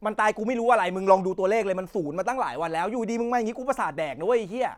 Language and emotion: Thai, angry